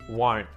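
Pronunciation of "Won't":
In 'won't', the t after the n at the end is muted.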